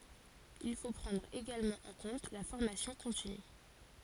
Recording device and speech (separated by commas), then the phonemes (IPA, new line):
forehead accelerometer, read sentence
il fo pʁɑ̃dʁ eɡalmɑ̃ ɑ̃ kɔ̃t la fɔʁmasjɔ̃ kɔ̃tiny